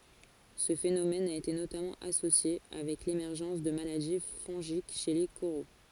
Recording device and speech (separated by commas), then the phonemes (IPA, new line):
forehead accelerometer, read sentence
sə fenomɛn a ete notamɑ̃ asosje avɛk lemɛʁʒɑ̃s də maladi fɔ̃ʒik ʃe le koʁo